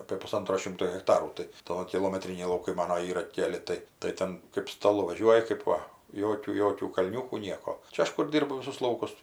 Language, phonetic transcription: Lithuanian, apė puˈsantro ˈšimto hekˈtarų tai ˈtoki kilomeˈtriniai lauˈkai ˈmano ˈyra ˈkeli ˈtai tai ˈten kɜp staˈlu vaˈžiuoji kɜp ˈva ˈjokių ˈjokių kalˈniūkų ˈnieko ˈčia ˈaš kur ˈdyrbu ˈvisus ˈlaukus

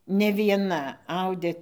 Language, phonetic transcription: Lithuanian, ne vieˈna ˈaudė

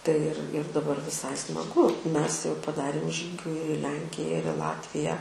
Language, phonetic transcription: Lithuanian, tai ir ir daˈbar viˈsai smaˈgu ˈmes jau paˈdarėm žygiu ir i ˈlenkija ir i ˈlatviją

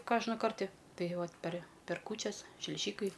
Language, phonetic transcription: Lithuanian, ˈkožna ˈkarti ˈtai ˈvat per' per ˈkūčias šliˈžykai

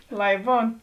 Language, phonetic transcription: Lithuanian, ˈlai ˈbūn

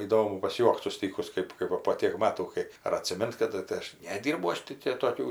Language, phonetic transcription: Lithuanian, įˈdomu pasˈjuokt suˈstykus ˈkɜp kai va po ˈtėk ˈmatų ˈkai ar atsiˈmint kaˈdu tai ˈaš neˈdirbau ˈaš tai tė toˈkių

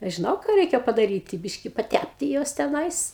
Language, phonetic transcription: Lithuanian, ˈaš žiˈnau ˈką ˈreikia padaˈryti ˈbiški paˈtæpti ˈjuos teˈnais

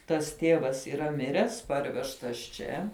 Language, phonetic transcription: Lithuanian, tas ˈtėvas yˈra ˈmiręs ˈparvežtas ˈčia

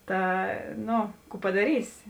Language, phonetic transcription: Lithuanian, ˈta ˈno ˈkų padaˈrysi

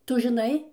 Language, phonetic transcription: Lithuanian, ˈtu žiˈnai

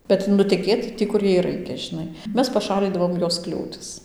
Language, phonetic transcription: Lithuanian, kad nuteˈkėt ˈtį kur ˈjai ˈraikia žiˈnai ˈmes paˈšalydavom ˈjos ˈkliūtis

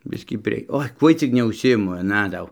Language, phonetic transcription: Lithuanian, ˈbiskį prie ˈoi ˈkuoj cik neužsiˈimu aˈna ˈdau

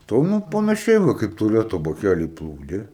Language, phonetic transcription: Lithuanian, ˈto ˈnu panaˈšiai va ˈkaip tuˈleto baˈkæly ˈplūdė

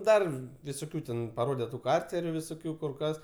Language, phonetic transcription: Lithuanian, ˈdar visoˈkių ten paˈrode tu ˈkarceriu visoˈkių kur ˈkas

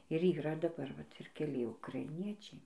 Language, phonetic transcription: Lithuanian, ir yˈra daˈbar vat ir keˈli ukraiˈniečiai

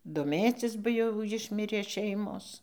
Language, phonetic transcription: Lithuanian, doˈmėcis ba ˈjau ˈjišmirė ˈšeimos

